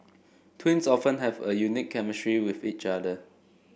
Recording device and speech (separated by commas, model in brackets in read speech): boundary microphone (BM630), read sentence